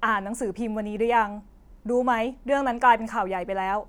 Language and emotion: Thai, frustrated